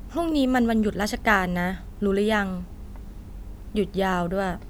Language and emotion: Thai, neutral